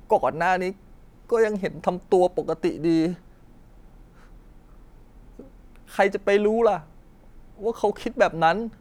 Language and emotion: Thai, sad